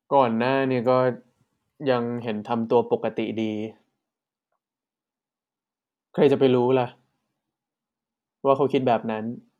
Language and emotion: Thai, frustrated